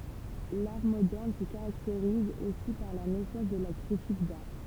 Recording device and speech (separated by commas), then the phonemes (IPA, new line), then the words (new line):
temple vibration pickup, read sentence
laʁ modɛʁn sə kaʁakteʁiz osi paʁ la nɛsɑ̃s də la kʁitik daʁ
L'art moderne se caractérise aussi par la naissance de la critique d'art.